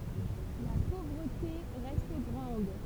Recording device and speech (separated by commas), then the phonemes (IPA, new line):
temple vibration pickup, read sentence
la povʁəte ʁɛst ɡʁɑ̃d